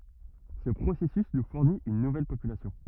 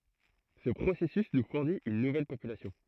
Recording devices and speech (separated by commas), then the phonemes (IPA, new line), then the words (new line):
rigid in-ear microphone, throat microphone, read sentence
sə pʁosɛsys nu fuʁnit yn nuvɛl popylasjɔ̃
Ce processus nous fournit une nouvelle population.